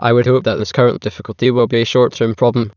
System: TTS, waveform concatenation